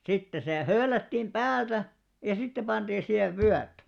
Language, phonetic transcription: Finnish, sitte se 'höölättìm "ʙäältä , ja 'sitte panᴅiin 'sihev "vyät .
- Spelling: sitten se höylättiin päältä ja sitten pantiin siihen vyöt

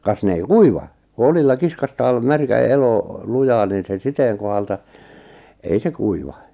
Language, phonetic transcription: Finnish, kas "ne ei "kuiva , ku 'olilla 'kiskastaal , 'märkä 'elo , 'lujaan niin se 'siteeŋ kohalta , ei "se 'kuiva .
- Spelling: kas ne ei kuiva kun oljilla kiskaistaan märkä elo lujaan niin se siteen kohdalta ei se kuiva

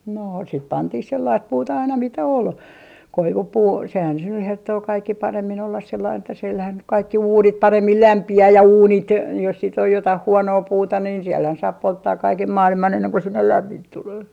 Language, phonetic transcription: Finnish, noo , sit 'pantih 'sellaist "puuta aina mitä 'ol , "koivupuu sehän se nyh 'herttoo 'kaikki 'paremmin ollas sellain että silhän nyk 'kaikki "uunit 'paremmil "lämpi₍ää ja "uunit , jos sit ‿oj 'jotah 'huonoo 'puuta niin sielhän 'saap 'polttaak 'kaikem "maaliman enneŋ ko 'sinnel "lämmint 'tulee .
- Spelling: noo sitten pantiin sellaista puuta aina mitä oli koivupuu sehän se nyt herttoo kaikkein paremmin olla sellainen että sillähän nyt kaikki uunit paremmin lämpiää ja uunit jos sitten on jotakin huonoa puuta niin siellähän saa polttaa kaiken maailman ennen kuin sinne lämmintä tulee

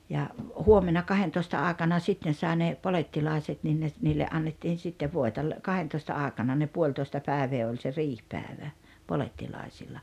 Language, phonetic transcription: Finnish, ja , "huomena "kahentoista 'àekana 'sitten 'sái ne , "polettilàeset nin ne ‿t- , 'niille 'annettiin̬ 'sittev 'voeta ‿l- , "kahentoista 'àekana ne "puoĺtoesta 'pä̀evee oĺ se "riihpääᵉvä , 'polettilàisilla .
- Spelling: ja huomenna kahdentoista aikana sitten sai ne polettilaiset niin ne - niille annettiin sitten voita - kahdentoista aikana ne puolitoista päivää oli se riihipäivä polettilaisilla

